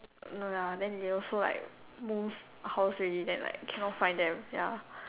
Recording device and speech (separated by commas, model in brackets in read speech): telephone, conversation in separate rooms